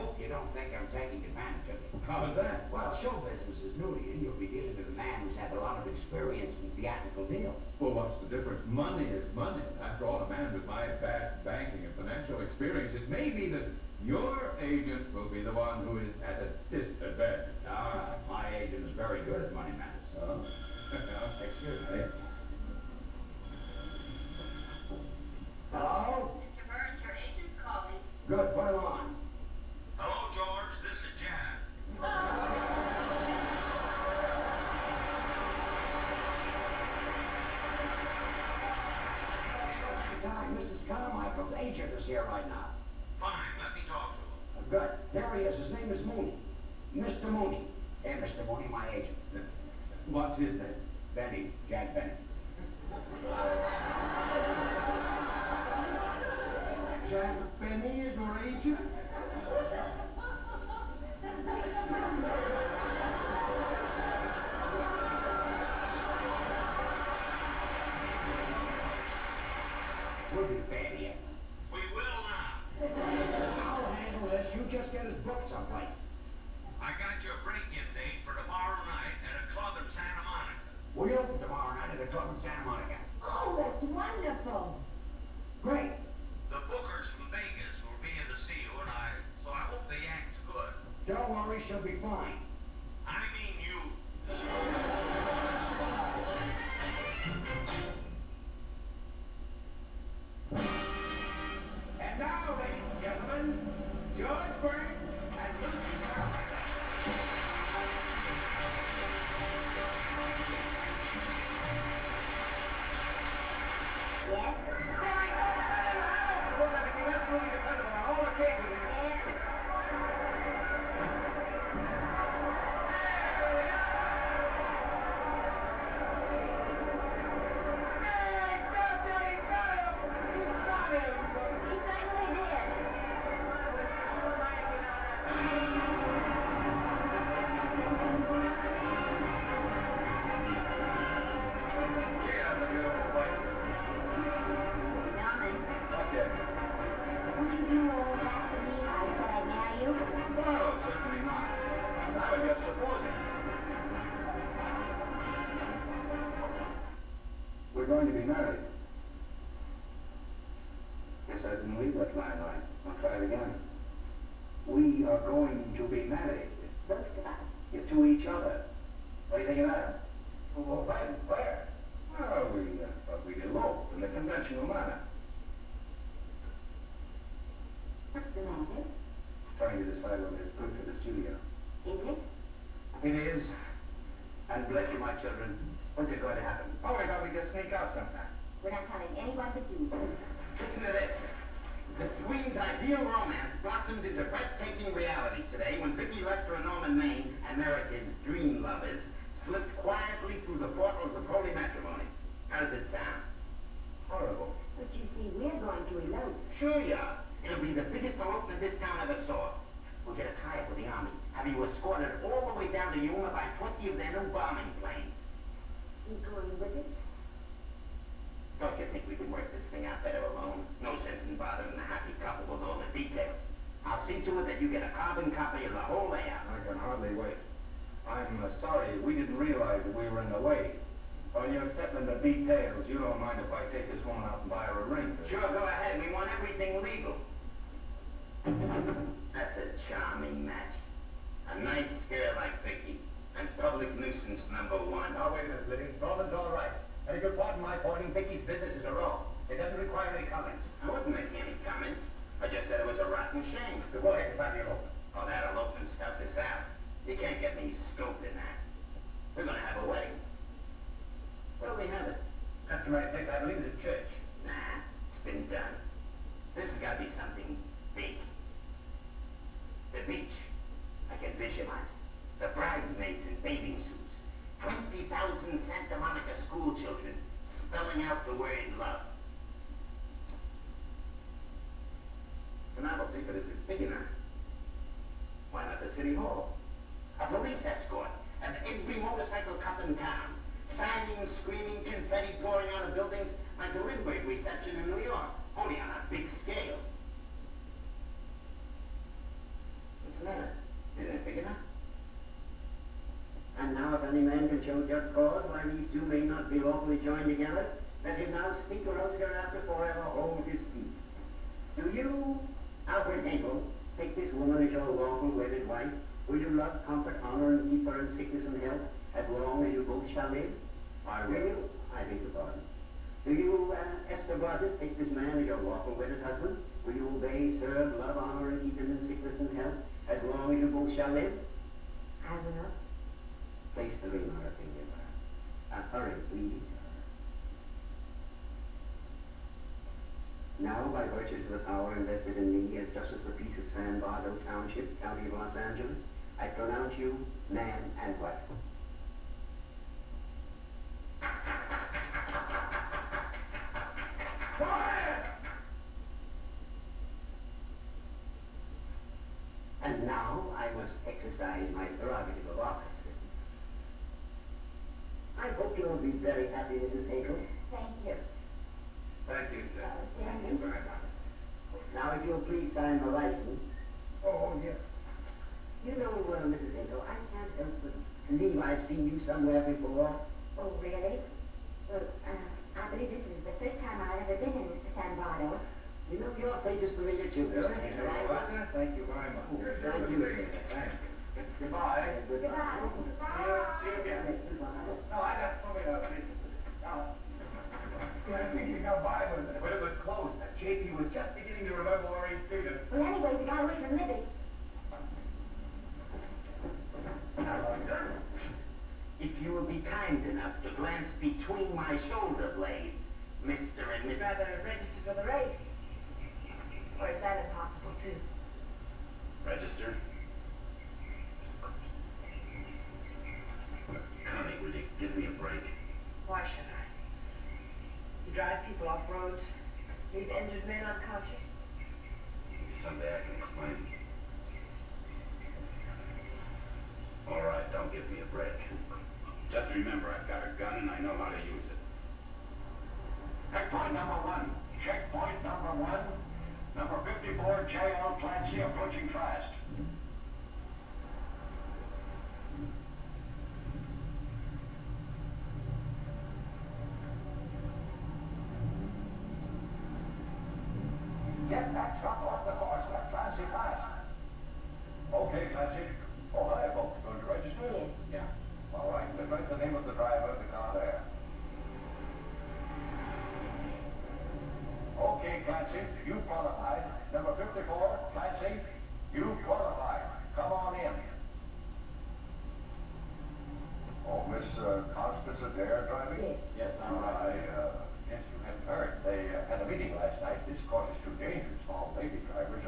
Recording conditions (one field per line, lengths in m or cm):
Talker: no one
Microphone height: 36 cm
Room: large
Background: television